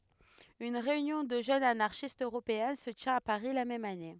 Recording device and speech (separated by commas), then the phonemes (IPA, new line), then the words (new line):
headset microphone, read sentence
yn ʁeynjɔ̃ də ʒønz anaʁʃistz øʁopeɛ̃ sə tjɛ̃t a paʁi la mɛm ane
Une réunion de jeunes anarchistes Européen se tient à Paris la même année.